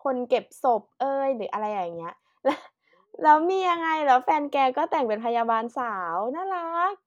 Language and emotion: Thai, happy